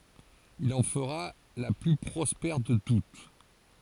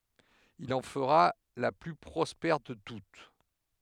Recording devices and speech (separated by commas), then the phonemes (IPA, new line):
forehead accelerometer, headset microphone, read sentence
il ɑ̃ fəʁa la ply pʁɔspɛʁ də tut